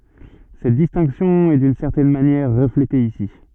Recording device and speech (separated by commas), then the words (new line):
soft in-ear microphone, read sentence
Cette distinction est d'une certaine manière reflétée ici.